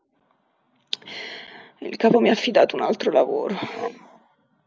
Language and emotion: Italian, disgusted